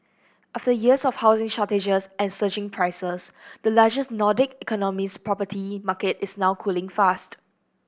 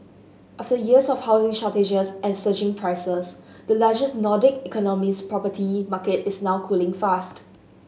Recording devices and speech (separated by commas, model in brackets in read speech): boundary microphone (BM630), mobile phone (Samsung S8), read sentence